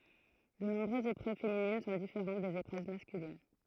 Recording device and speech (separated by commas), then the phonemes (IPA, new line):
throat microphone, read sentence
də nɔ̃bʁøzz epʁøv feminin sɔ̃ difeʁɑ̃t dez epʁøv maskylin